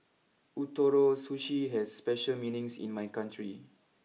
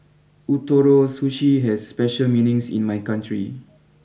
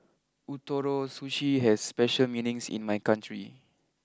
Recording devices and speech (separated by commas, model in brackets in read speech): mobile phone (iPhone 6), boundary microphone (BM630), close-talking microphone (WH20), read sentence